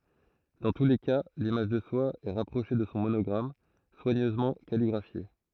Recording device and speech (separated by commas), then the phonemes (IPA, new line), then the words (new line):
throat microphone, read sentence
dɑ̃ tu le ka limaʒ də swa ɛ ʁapʁoʃe də sɔ̃ monɔɡʁam swaɲøzmɑ̃ kaliɡʁafje
Dans tous les cas, l'image de soi est rapprochée de son monogramme, soigneusement calligraphié.